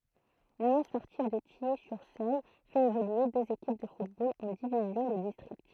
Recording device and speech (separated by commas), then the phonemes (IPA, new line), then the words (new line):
throat microphone, read sentence
lynjɔ̃ spɔʁtiv də tiji syʁ søl fɛt evolye døz ekip də futbol ɑ̃ divizjɔ̃ də distʁikt
L'Union sportive de Tilly-sur-Seulles fait évoluer deux équipes de football en divisions de district.